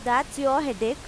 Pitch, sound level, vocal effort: 260 Hz, 92 dB SPL, loud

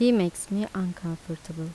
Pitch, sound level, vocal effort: 180 Hz, 80 dB SPL, soft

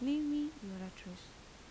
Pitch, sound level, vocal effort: 230 Hz, 82 dB SPL, soft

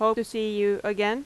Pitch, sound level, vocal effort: 215 Hz, 88 dB SPL, loud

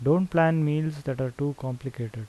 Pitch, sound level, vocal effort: 140 Hz, 80 dB SPL, normal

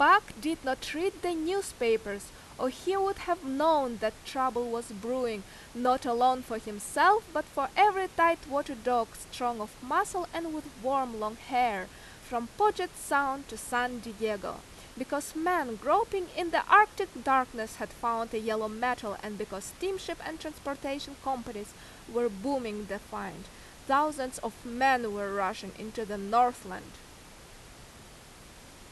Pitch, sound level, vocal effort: 255 Hz, 89 dB SPL, very loud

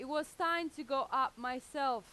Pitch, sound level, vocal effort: 270 Hz, 95 dB SPL, very loud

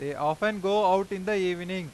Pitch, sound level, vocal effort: 185 Hz, 97 dB SPL, loud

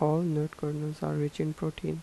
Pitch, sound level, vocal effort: 150 Hz, 79 dB SPL, soft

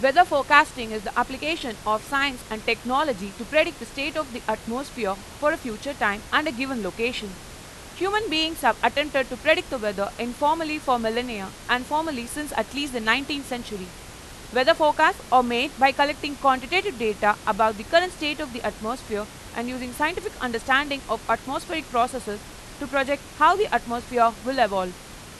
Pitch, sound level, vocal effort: 255 Hz, 94 dB SPL, very loud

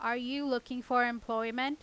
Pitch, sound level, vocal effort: 245 Hz, 91 dB SPL, loud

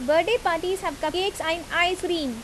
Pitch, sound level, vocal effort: 335 Hz, 86 dB SPL, loud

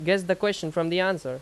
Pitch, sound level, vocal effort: 185 Hz, 89 dB SPL, very loud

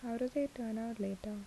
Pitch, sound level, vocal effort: 230 Hz, 74 dB SPL, soft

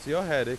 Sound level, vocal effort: 95 dB SPL, loud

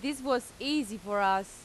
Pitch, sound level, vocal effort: 240 Hz, 90 dB SPL, loud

